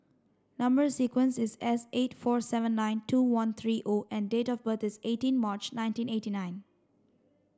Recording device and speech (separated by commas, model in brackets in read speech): standing microphone (AKG C214), read sentence